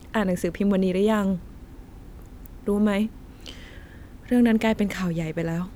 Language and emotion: Thai, frustrated